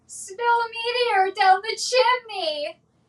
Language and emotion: English, fearful